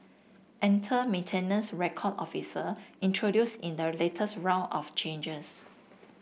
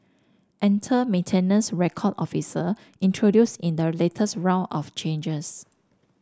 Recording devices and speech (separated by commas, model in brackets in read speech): boundary microphone (BM630), standing microphone (AKG C214), read sentence